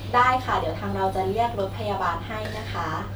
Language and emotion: Thai, neutral